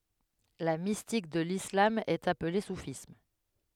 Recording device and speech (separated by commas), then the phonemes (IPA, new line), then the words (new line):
headset microphone, read sentence
la mistik də lislam ɛt aple sufism
La mystique de l'islam est appelée soufisme.